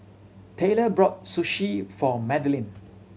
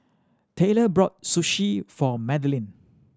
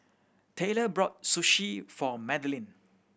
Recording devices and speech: mobile phone (Samsung C7100), standing microphone (AKG C214), boundary microphone (BM630), read sentence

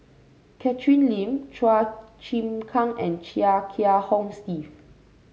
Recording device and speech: mobile phone (Samsung C5), read sentence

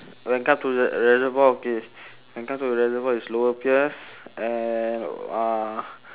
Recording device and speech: telephone, conversation in separate rooms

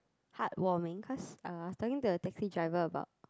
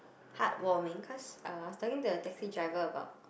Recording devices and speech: close-talking microphone, boundary microphone, conversation in the same room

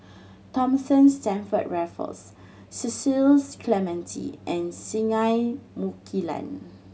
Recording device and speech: mobile phone (Samsung C7100), read sentence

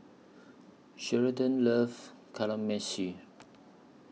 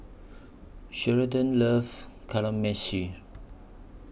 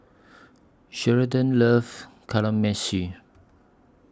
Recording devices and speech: mobile phone (iPhone 6), boundary microphone (BM630), standing microphone (AKG C214), read sentence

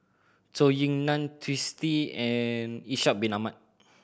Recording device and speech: boundary microphone (BM630), read sentence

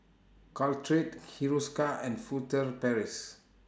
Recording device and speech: standing microphone (AKG C214), read sentence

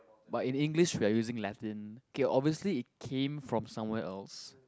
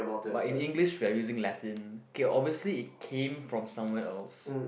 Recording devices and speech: close-talking microphone, boundary microphone, conversation in the same room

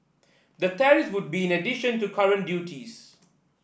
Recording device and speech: boundary microphone (BM630), read sentence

